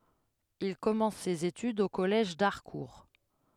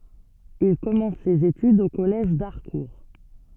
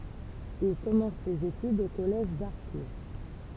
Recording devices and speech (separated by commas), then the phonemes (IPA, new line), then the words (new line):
headset microphone, soft in-ear microphone, temple vibration pickup, read sentence
il kɔmɑ̃s sez etydz o kɔlɛʒ daʁkuʁ
Il commence ses études au collège d'Harcourt.